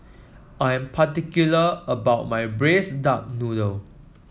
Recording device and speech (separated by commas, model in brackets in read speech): mobile phone (iPhone 7), read sentence